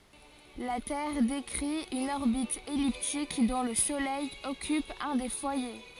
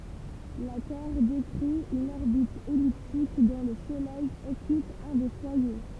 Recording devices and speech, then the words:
forehead accelerometer, temple vibration pickup, read sentence
La Terre décrit une orbite elliptique dont le Soleil occupe un des foyers.

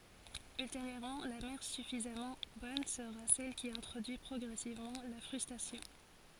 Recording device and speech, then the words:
forehead accelerometer, read sentence
Ultérieurement, la mère suffisamment bonne sera celle qui introduit progressivement la frustration.

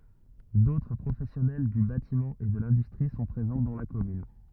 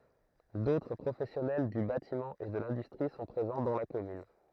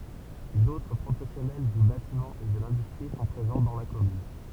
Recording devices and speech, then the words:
rigid in-ear microphone, throat microphone, temple vibration pickup, read sentence
D'autres professionnels du bâtiment et de l'industrie sont présents dans la commune.

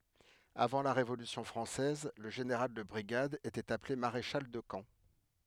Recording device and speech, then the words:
headset microphone, read sentence
Avant la Révolution française, le général de brigade était appelé maréchal de camp.

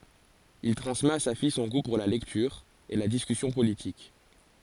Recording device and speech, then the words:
forehead accelerometer, read sentence
Il transmet à sa fille son goût pour la lecture et la discussion politique.

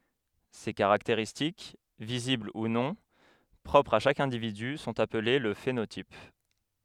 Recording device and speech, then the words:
headset microphone, read sentence
Ces caractéristiques, visibles ou non, propres à chaque individu sont appelées le phénotype.

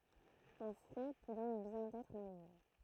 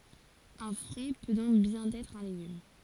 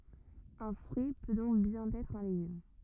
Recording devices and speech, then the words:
throat microphone, forehead accelerometer, rigid in-ear microphone, read sentence
Un fruit peut donc bien être un légume.

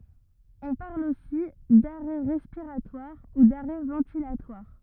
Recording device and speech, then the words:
rigid in-ear microphone, read sentence
On parle aussi d'arrêt respiratoire ou d'arrêt ventilatoire.

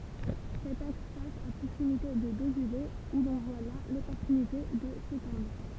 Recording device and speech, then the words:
temple vibration pickup, read sentence
Cet axe passe à proximité de Dozulé où l'on voit là l'opportunité de s'étendre.

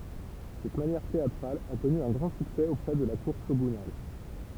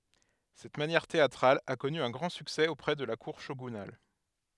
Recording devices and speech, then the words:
temple vibration pickup, headset microphone, read sentence
Cette manière théâtrale a connu un grand succès auprès de la cour shogunale.

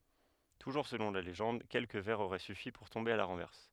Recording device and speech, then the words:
headset microphone, read sentence
Toujours selon la légende, quelques verres auraient suffi pour tomber à la renverse.

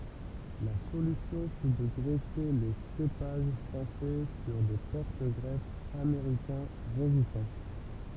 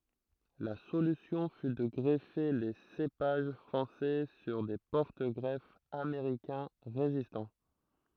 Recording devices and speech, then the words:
temple vibration pickup, throat microphone, read sentence
La solution fut de greffer les cépages français sur des porte-greffes américains résistants.

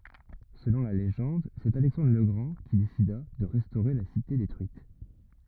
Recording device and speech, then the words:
rigid in-ear microphone, read sentence
Selon la légende, c’est Alexandre le Grand qui décida de restaurer la cité détruite.

